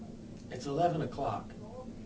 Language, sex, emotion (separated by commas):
English, male, neutral